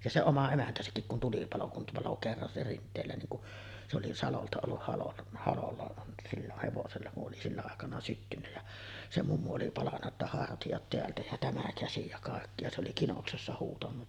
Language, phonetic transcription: Finnish, ja se "oma 'emäntäsäkkik kun 'tulipalo kum palo kerran se 'Rint̆teelä niiŋ ku’ , se oli "salolta olluh halon , 'halolla silloh hevosella ku’ ’oli 'sillä àekana 'syttynnä jä , se mummu oli 'palanna ‿tta 'hartijat teältä ja 'tämä 'käsi ja kàekki ja se oli 'kinoksessa huutanu .
- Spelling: ja se oma emäntäsäkin kun tulipalo kun paloi kerran se Rinteelä niin kun se oli salolta ollut halon halolla silloin hevosella kun oli sillä aikana syttynyt ja se mummu oli palanut jotta hartiat täältä ja tämä käsi ja kaikki ja se oli kinoksessa huutanut

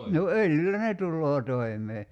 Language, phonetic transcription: Finnish, no 'öljyllä "ne tulloo 'toi̬m̀ee .
- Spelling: no öljyllä ne tulee toimeen

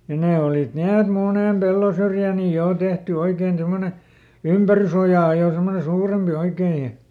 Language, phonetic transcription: Finnish, ja ˈnee olit ˈni et "munèm ˈpellosyrjä̀ ni ˈjò tehty ˈoikeen ˈsemmone , "ympärysojà jo ˈsemmone "suurempi ˈoikee ja ,.
- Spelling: ja ne olivat niin että monen pellonsyrjään niin jo tehty oikein semmoinen ympärysoja jo semmoinen suurempi oikein ja

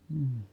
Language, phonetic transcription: Finnish, m̥m̥ .
- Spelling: mm

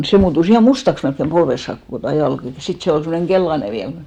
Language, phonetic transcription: Finnish, 'se muutus ‿ihà "mustaks melkkem 'polves saak , kokò tua 'jalk ja , 'sit se ol semmoneŋ 'ɢellane 'viäl mut .
- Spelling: se muuttui ihan mustaksi melkein polveen saakka koko tuo jalka ja sitten se oli semmoinen keltainen vielä mutta

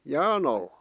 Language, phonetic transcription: Finnish, jään ‿allᴀ .
- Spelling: jään alle

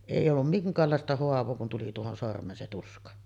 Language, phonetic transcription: Finnish, 'èij ‿ollum "miŋk̀aallàesta 'hoav̀oo kun tuli tuohon sorm̀een se 'tuska .
- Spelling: ei ollut minkäänlaista haavaa kun tuli tuohon sormeen se tuska

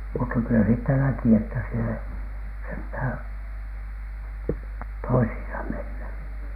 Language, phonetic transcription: Finnish, mutta kylä siittä 'näki että siel ‿ei , senthä̀N , "toishiisa menny .
- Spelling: mutta kyllä siitä näki että siellä ei sentään toisiinsa mennyt

